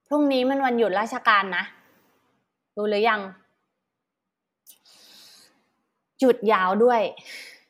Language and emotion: Thai, frustrated